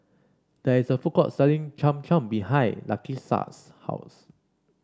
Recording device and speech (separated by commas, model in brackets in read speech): standing microphone (AKG C214), read sentence